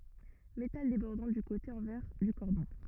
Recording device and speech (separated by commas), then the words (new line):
rigid in-ear microphone, read sentence
Métal débordant du côté envers du cordon.